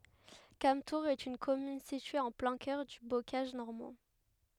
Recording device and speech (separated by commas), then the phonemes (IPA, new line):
headset microphone, read sentence
kamtuʁz ɛt yn kɔmyn sitye ɑ̃ plɛ̃ kœʁ dy bokaʒ nɔʁmɑ̃